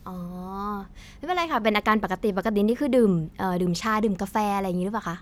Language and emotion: Thai, neutral